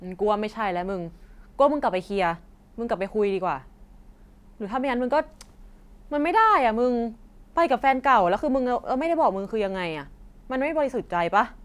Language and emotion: Thai, frustrated